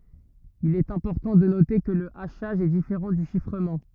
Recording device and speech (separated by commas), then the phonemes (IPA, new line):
rigid in-ear microphone, read sentence
il ɛt ɛ̃pɔʁtɑ̃ də note kə lə aʃaʒ ɛ difeʁɑ̃ dy ʃifʁəmɑ̃